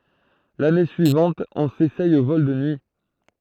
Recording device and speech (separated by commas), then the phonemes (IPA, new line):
throat microphone, read sentence
lane syivɑ̃t ɔ̃ sesɛj o vɔl də nyi